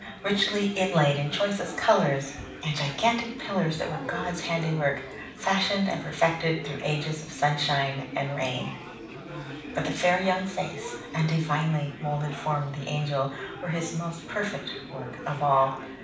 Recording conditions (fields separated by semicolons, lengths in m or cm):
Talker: one person; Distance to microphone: 5.8 m; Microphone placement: far; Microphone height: 1.8 m; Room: medium-sized (5.7 m by 4.0 m); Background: babble